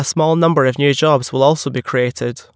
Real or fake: real